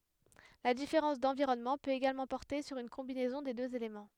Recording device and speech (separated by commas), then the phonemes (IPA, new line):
headset microphone, read sentence
la difeʁɑ̃s dɑ̃viʁɔnmɑ̃ pøt eɡalmɑ̃ pɔʁte syʁ yn kɔ̃binɛzɔ̃ de døz elemɑ̃